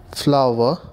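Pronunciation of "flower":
'Flower' is pronounced correctly here.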